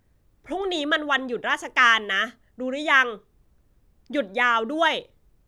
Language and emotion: Thai, frustrated